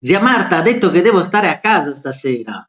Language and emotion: Italian, happy